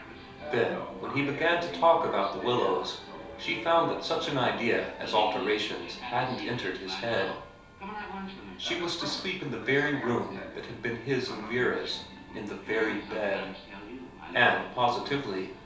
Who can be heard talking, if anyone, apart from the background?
One person.